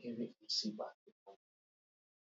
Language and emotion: English, fearful